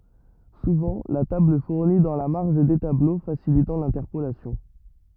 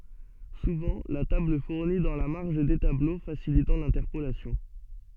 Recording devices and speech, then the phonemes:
rigid in-ear microphone, soft in-ear microphone, read sentence
suvɑ̃ la tabl fuʁni dɑ̃ la maʁʒ de tablo fasilitɑ̃ lɛ̃tɛʁpolasjɔ̃

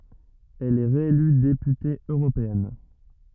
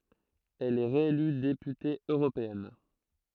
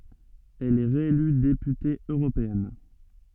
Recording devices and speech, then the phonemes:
rigid in-ear microphone, throat microphone, soft in-ear microphone, read sentence
ɛl ɛ ʁeely depyte øʁopeɛn

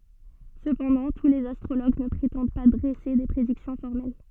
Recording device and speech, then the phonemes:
soft in-ear microphone, read sentence
səpɑ̃dɑ̃ tu lez astʁoloɡ nə pʁetɑ̃d pa dʁɛse de pʁediksjɔ̃ fɔʁmɛl

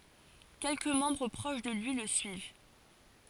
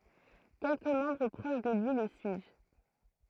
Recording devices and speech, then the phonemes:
forehead accelerometer, throat microphone, read sentence
kɛlkə mɑ̃bʁ pʁoʃ də lyi lə syiv

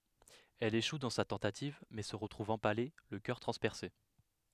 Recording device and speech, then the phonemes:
headset microphone, read sentence
ɛl eʃu dɑ̃ sa tɑ̃tativ mɛ sə ʁətʁuv ɑ̃pale lə kœʁ tʁɑ̃spɛʁse

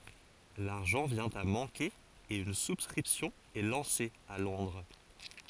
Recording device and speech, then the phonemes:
forehead accelerometer, read sentence
laʁʒɑ̃ vjɛ̃ a mɑ̃ke e yn suskʁipsjɔ̃ ɛ lɑ̃se a lɔ̃dʁ

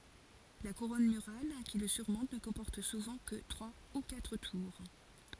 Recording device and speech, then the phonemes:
forehead accelerometer, read sentence
la kuʁɔn myʁal ki lə syʁmɔ̃t nə kɔ̃pɔʁt suvɑ̃ kə tʁwa u katʁ tuʁ

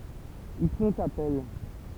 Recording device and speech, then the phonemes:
temple vibration pickup, read sentence
il fɔ̃t apɛl

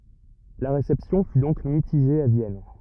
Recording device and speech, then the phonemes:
rigid in-ear microphone, read sentence
la ʁesɛpsjɔ̃ fy dɔ̃k mitiʒe a vjɛn

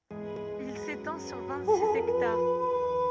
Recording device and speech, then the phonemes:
rigid in-ear microphone, read sentence
il setɑ̃ syʁ vɛ̃t siz ɛktaʁ

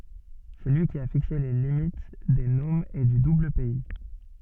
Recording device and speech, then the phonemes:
soft in-ear microphone, read sentence
sɛ lyi ki a fikse le limit de nomz e dy dublpɛi

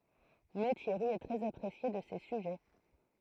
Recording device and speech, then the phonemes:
throat microphone, read sentence
mɛ tjɛʁi ɛ tʁɛz apʁesje də se syʒɛ

